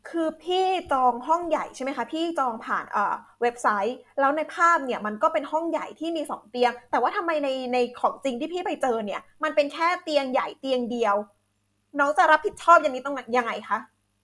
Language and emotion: Thai, frustrated